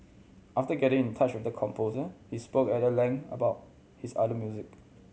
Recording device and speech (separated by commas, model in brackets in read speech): mobile phone (Samsung C7100), read sentence